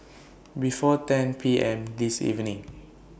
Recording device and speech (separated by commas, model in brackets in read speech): boundary microphone (BM630), read sentence